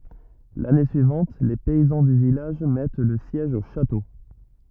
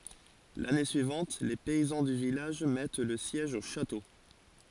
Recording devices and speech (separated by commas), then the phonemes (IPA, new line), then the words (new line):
rigid in-ear microphone, forehead accelerometer, read sentence
lane syivɑ̃t le pɛizɑ̃ dy vilaʒ mɛt lə sjɛʒ o ʃato
L'année suivante, les paysans du village mettent le siège au château.